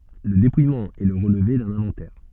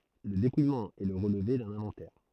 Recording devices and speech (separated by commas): soft in-ear microphone, throat microphone, read sentence